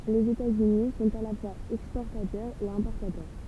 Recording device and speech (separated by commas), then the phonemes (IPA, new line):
temple vibration pickup, read sentence
lez etatsyni sɔ̃t a la fwaz ɛkspɔʁtatœʁz e ɛ̃pɔʁtatœʁ